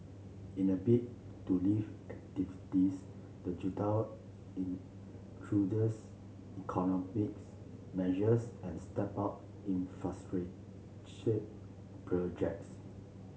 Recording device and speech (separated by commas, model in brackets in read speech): mobile phone (Samsung C7), read sentence